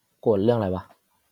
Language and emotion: Thai, neutral